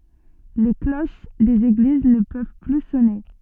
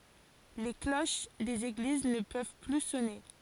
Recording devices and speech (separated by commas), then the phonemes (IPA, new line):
soft in-ear microphone, forehead accelerometer, read sentence
le kloʃ dez eɡliz nə pøv ply sɔne